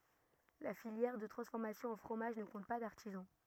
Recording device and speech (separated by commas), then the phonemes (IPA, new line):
rigid in-ear microphone, read sentence
la filjɛʁ də tʁɑ̃sfɔʁmasjɔ̃ ɑ̃ fʁomaʒ nə kɔ̃t pa daʁtizɑ̃